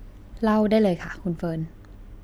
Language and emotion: Thai, neutral